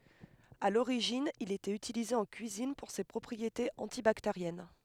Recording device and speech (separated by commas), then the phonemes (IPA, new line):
headset microphone, read sentence
a loʁiʒin il etɛt ytilize ɑ̃ kyizin puʁ se pʁɔpʁietez ɑ̃tibakteʁjɛn